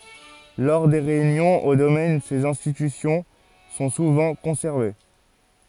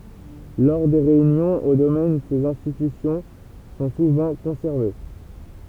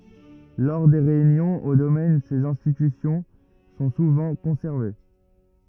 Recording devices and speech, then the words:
forehead accelerometer, temple vibration pickup, rigid in-ear microphone, read sentence
Lors des réunions au domaine, ces institutions sont souvent conservées.

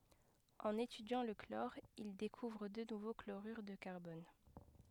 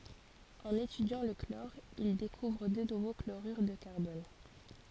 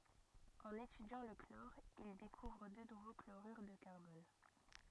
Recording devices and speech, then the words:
headset microphone, forehead accelerometer, rigid in-ear microphone, read sentence
En étudiant le chlore il découvre deux nouveaux chlorures de carbone.

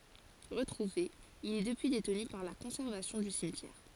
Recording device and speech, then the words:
forehead accelerometer, read sentence
Retrouvé, il est depuis détenu par la conservation du cimetière.

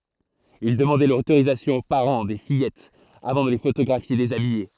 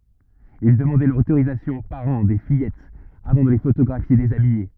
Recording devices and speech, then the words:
throat microphone, rigid in-ear microphone, read sentence
Il demandait l'autorisation aux parents des fillettes avant de les photographier déshabillées.

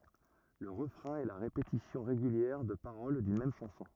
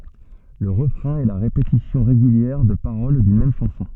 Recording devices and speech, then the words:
rigid in-ear microphone, soft in-ear microphone, read sentence
Le refrain est la répétition régulière de paroles d’une même chanson.

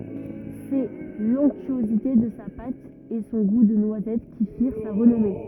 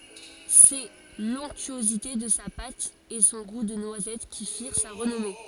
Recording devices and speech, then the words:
rigid in-ear microphone, forehead accelerometer, read sentence
C’est l’onctuosité de sa pâte et son goût de noisette qui firent sa renommée.

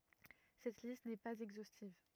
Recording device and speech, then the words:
rigid in-ear microphone, read sentence
Cette liste n'est pas exhaustive.

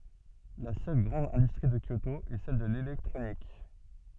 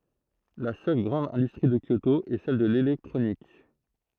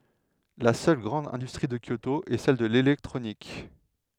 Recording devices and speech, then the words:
soft in-ear microphone, throat microphone, headset microphone, read sentence
La seule grande industrie de Kyoto est celle de l'électronique.

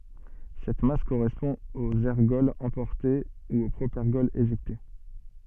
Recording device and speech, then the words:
soft in-ear microphone, read sentence
Cette masse correspond aux ergols emportés ou au propergol éjecté.

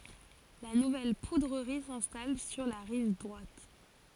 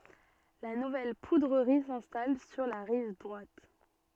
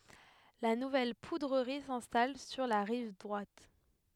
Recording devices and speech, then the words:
forehead accelerometer, soft in-ear microphone, headset microphone, read sentence
La nouvelle poudrerie s'installe sur la rive droite.

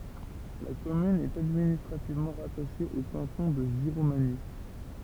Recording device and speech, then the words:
temple vibration pickup, read sentence
La commune est administrativement rattachée au canton de Giromagny.

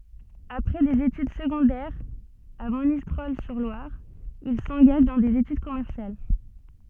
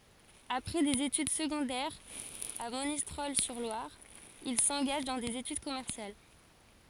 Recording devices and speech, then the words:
soft in-ear microphone, forehead accelerometer, read sentence
Après des études secondaires à Monistrol-sur-Loire, il s'engage dans des études commerciales.

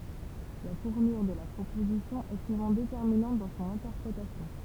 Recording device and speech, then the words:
temple vibration pickup, read sentence
La tournure de la proposition est souvent déterminante dans son interprétation.

